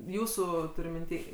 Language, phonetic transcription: Lithuanian, ˈjūsu tuˈriu minˈty

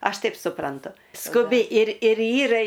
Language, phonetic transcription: Lithuanian, ˈaš ˈtaip suˈprantu skuˈbi ir ir ˈyra

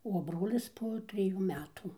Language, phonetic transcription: Lithuanian, o ˈbrolis po triˈjų ˈmetų

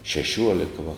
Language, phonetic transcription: Lithuanian, šeˈšiuoleka va

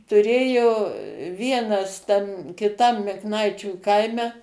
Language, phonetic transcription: Lithuanian, tuˈrėjo ˈvienas tam kiˈtam mikˈnaičių ˈkaime

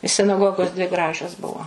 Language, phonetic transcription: Lithuanian, sinaˈgogos dvi ˈgražios ˈbuvo

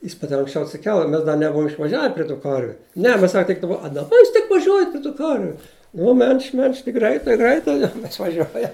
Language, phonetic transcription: Lithuanian, jis ˈmat ir anksˈčiau atsiˈkel i ˈmes da neˈbuvum išvaˈžiave pri tų ˈkarviu ˈne ˈmes ˈsak tik daˈba a daˈba ˈjūs tik vaˈžiuojat pri tų ˈkarviu ˈnu mel'ž't' mel'ž't' tik ˈgraitai ˈgraitai išvaˈžiuoja

